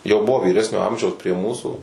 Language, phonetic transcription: Lithuanian, jau ˈbuvo vyˈresnio ˈamžiaus prie ˈmūsų

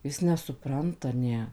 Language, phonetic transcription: Lithuanian, ˈjis nesuˈpranta ˈne

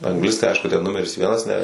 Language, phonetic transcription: Lithuanian, angˈlistai ˈaišku ten ˈnumeris ˈvienas ne

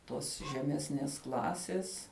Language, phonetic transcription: Lithuanian, ˈtos žeˈmesnės ˈklasės

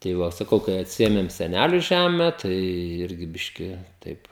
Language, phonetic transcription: Lithuanian, tai ˈva saˈkau kai atˈsiėmėm seˈnæliu ˈžeme ˈtai ˈirgi ˈbiški ˈtaip

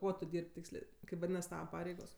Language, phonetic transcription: Lithuanian, ˈkuo tu ˈdyr'b' ˈtykslė ˈkaip vaˈdynas ˈtava ˈpareigos

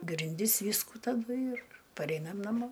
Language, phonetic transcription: Lithuanian, grinˈdis ˈvyskų taˈdu ir paˈreinam naˈmo

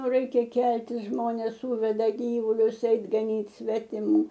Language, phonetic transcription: Lithuanian, o ˈraikia ˈkeltis ˈžmonės ˈsūveda ˈgyvulius ˈeit gaˈnyt svetiˈmų

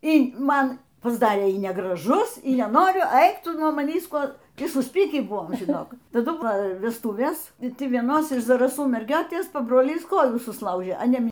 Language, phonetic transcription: Lithuanian, y ˈman pasˈdarė y negraˈžus y neˈnoriu ˈaik ˈtuˈnuo maˈnįs ˈkuo ˈtį susˈpykį ˈbuvom žiˈnok taˈdu ˈva vesˈtūvės i ˈti vieˈnos iš zaraˈsų merˈgiotės pabroˈlys ˈkojų susˈlaužė a ˈne

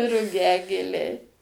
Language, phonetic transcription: Lithuanian, ruˈgiagėliai

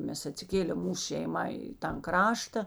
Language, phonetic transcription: Lithuanian, ˈmes atsiˈkėlėm ˈmūs šeiˈma i tan ˈkrašta

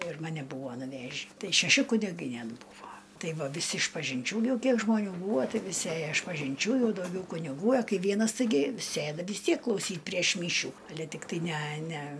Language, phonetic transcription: Lithuanian, ir maˈne ˈbūvo nuˈvežį ˈtai šeˈši kuniˈgai ˈnet ˈbūvo ˈtai ˈva viˈsi išpažinˈčių ˈjau ˈkiek žmoˈnių ˈbūvo ˈtai viˈsi ˈėjo išpažinˈčių ˈjau dauˈgiau kuniˈgų a ˈkai ˈvienas taiˈgi ˈsėda vis ˈtiek klauˈsyt' prieš ˈmyšių aˈle tikˈtai næ næ

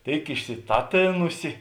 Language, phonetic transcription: Lithuanian, ˈtėik išsiˈtaˌtėnusi

